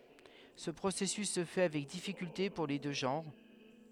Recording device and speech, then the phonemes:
headset microphone, read sentence
sə pʁosɛsys sə fɛ avɛk difikylte puʁ le dø ʒɑ̃ʁ

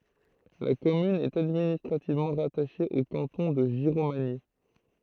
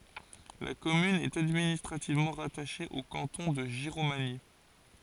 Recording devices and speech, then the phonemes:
throat microphone, forehead accelerometer, read sentence
la kɔmyn ɛt administʁativmɑ̃ ʁataʃe o kɑ̃tɔ̃ də ʒiʁomaɲi

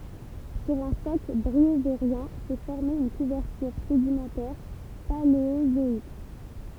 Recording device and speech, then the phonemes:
temple vibration pickup, read sentence
syʁ œ̃ sɔkl bʁioveʁjɛ̃ sɛ fɔʁme yn kuvɛʁtyʁ sedimɑ̃tɛʁ paleozɔik

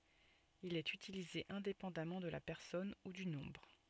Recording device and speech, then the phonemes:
soft in-ear microphone, read sentence
il ɛt ytilize ɛ̃depɑ̃damɑ̃ də la pɛʁsɔn u dy nɔ̃bʁ

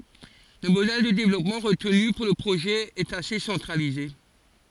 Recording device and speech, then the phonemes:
forehead accelerometer, read sentence
lə modɛl də devlɔpmɑ̃ ʁətny puʁ lə pʁoʒɛ ɛt ase sɑ̃tʁalize

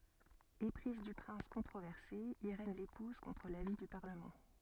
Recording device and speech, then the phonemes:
soft in-ear microphone, read sentence
epʁiz dy pʁɛ̃s kɔ̃tʁovɛʁse iʁɛn lepuz kɔ̃tʁ lavi dy paʁləmɑ̃

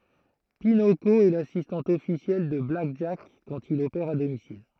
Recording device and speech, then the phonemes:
throat microphone, read sentence
pinoko ɛ lasistɑ̃t ɔfisjɛl də blak ʒak kɑ̃t il opɛʁ a domisil

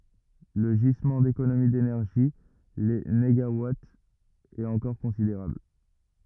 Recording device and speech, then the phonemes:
rigid in-ear microphone, read sentence
lə ʒizmɑ̃ dekonomi denɛʁʒi le neɡawatz ɛt ɑ̃kɔʁ kɔ̃sideʁabl

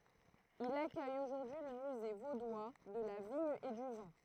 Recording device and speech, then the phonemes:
throat microphone, read sentence
il akœj oʒuʁdyi lə myze vodwa də la viɲ e dy vɛ̃

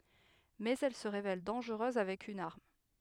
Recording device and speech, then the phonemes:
headset microphone, read sentence
mɛz ɛl sə ʁevɛl dɑ̃ʒʁøz avɛk yn aʁm

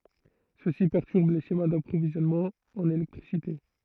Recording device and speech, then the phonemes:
throat microphone, read sentence
səsi pɛʁtyʁb le ʃema dapʁovizjɔnmɑ̃z ɑ̃n elɛktʁisite

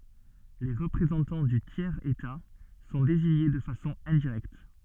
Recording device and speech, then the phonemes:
soft in-ear microphone, read sentence
le ʁəpʁezɑ̃tɑ̃ dy tjɛʁz eta sɔ̃ deziɲe də fasɔ̃ ɛ̃diʁɛkt

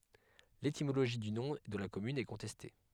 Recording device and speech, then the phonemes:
headset microphone, read sentence
letimoloʒi dy nɔ̃ də la kɔmyn ɛ kɔ̃tɛste

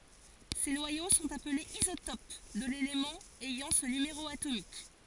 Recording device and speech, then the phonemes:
forehead accelerometer, read sentence
se nwajo sɔ̃t aplez izotop də lelemɑ̃ ɛjɑ̃ sə nymeʁo atomik

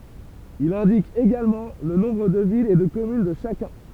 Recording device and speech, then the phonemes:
temple vibration pickup, read sentence
il ɛ̃dik eɡalmɑ̃ lə nɔ̃bʁ də vilz e də kɔmyn də ʃakœ̃

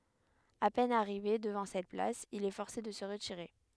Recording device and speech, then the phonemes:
headset microphone, read sentence
a pɛn aʁive dəvɑ̃ sɛt plas il ɛ fɔʁse də sə ʁətiʁe

